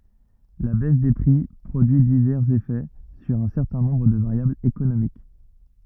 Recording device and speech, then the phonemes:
rigid in-ear microphone, read sentence
la bɛs de pʁi pʁodyi divɛʁz efɛ syʁ œ̃ sɛʁtɛ̃ nɔ̃bʁ də vaʁjablz ekonomik

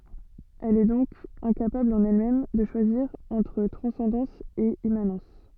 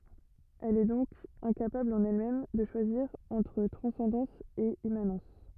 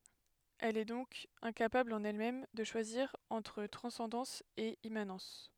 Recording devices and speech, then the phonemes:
soft in-ear microphone, rigid in-ear microphone, headset microphone, read sentence
ɛl ɛ dɔ̃k ɛ̃kapabl ɑ̃n ɛlmɛm də ʃwaziʁ ɑ̃tʁ tʁɑ̃sɑ̃dɑ̃s e immanɑ̃s

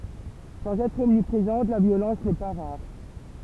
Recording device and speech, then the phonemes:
temple vibration pickup, read sentence
sɑ̃z ɛtʁ ɔmnipʁezɑ̃t la vjolɑ̃s nɛ pa ʁaʁ

